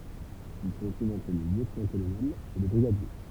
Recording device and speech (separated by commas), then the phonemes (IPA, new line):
temple vibration pickup, read sentence
il sə tʁuv ɑ̃tʁ lə ljøtnɑ̃tkolonɛl e lə bʁiɡadje